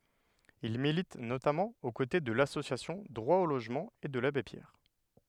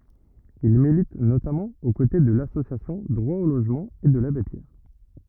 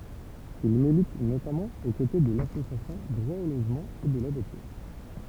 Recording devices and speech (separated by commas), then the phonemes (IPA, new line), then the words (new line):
headset microphone, rigid in-ear microphone, temple vibration pickup, read sentence
il milit notamɑ̃ o kote də lasosjasjɔ̃ dʁwa o loʒmɑ̃ e də labe pjɛʁ
Il milite notamment aux côtés de l'association Droit au logement et de l'Abbé Pierre.